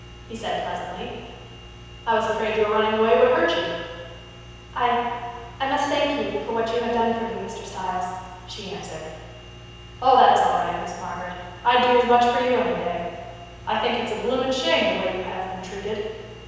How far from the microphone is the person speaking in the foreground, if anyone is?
7.1 m.